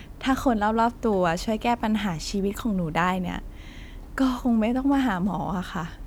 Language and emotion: Thai, frustrated